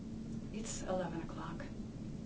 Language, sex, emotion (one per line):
English
female
sad